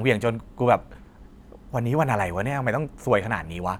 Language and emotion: Thai, frustrated